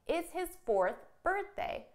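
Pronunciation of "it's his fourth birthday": In 'fourth birthday', there is no big th sound in the middle. There is only a little stop, a slight pause, before 'birthday'.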